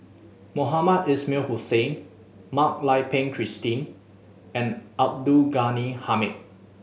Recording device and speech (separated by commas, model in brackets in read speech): mobile phone (Samsung S8), read sentence